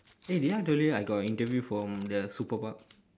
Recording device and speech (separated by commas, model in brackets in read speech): standing microphone, conversation in separate rooms